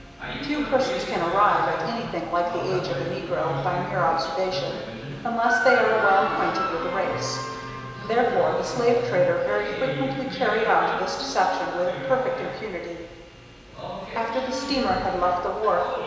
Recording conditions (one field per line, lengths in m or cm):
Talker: one person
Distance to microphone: 1.7 m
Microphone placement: close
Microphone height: 1.0 m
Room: very reverberant, large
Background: television